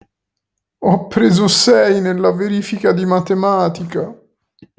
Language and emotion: Italian, sad